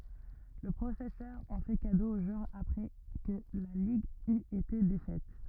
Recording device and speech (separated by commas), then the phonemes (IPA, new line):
rigid in-ear microphone, read sentence
lə pʁofɛsœʁ ɑ̃ fɛ kado o ʒwœʁ apʁɛ kə la liɡ yt ete defɛt